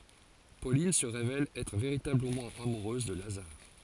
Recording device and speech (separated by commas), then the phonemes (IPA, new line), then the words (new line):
forehead accelerometer, read sentence
polin sə ʁevɛl ɛtʁ veʁitabləmɑ̃ amuʁøz də lazaʁ
Pauline se révèle être véritablement amoureuse de Lazare.